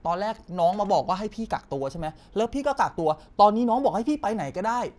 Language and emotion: Thai, frustrated